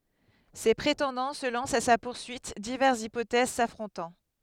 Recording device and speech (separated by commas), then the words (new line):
headset microphone, read sentence
Ses prétendants se lancent à sa poursuite, diverses hypothèses s'affrontant.